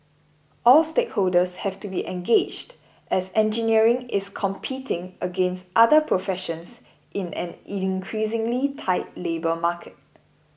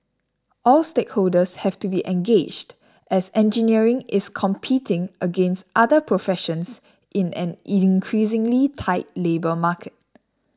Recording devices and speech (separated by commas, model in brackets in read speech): boundary microphone (BM630), standing microphone (AKG C214), read sentence